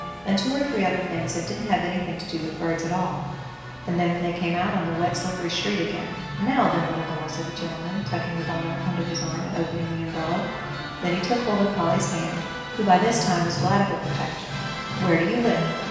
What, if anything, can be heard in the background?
Music.